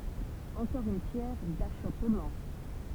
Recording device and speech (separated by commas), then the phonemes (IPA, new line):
temple vibration pickup, read sentence
ɑ̃kɔʁ yn pjɛʁ daʃɔpmɑ̃